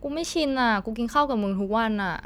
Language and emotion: Thai, frustrated